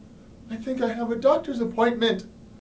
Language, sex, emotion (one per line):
English
male
fearful